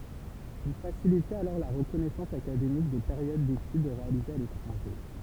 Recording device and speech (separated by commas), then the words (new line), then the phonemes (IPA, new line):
temple vibration pickup, read sentence
Il facilitait alors la reconnaissance académique des périodes d'études réalisées à l'étranger.
il fasilitɛt alɔʁ la ʁəkɔnɛsɑ̃s akademik de peʁjod detyd ʁealizez a letʁɑ̃ʒe